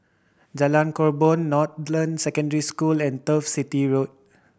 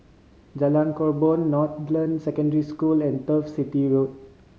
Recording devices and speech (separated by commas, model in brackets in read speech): boundary microphone (BM630), mobile phone (Samsung C5010), read sentence